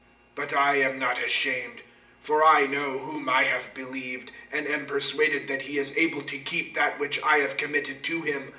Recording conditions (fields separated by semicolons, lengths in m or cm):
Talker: one person; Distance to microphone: 1.8 m; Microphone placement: close; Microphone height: 1.0 m; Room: large; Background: none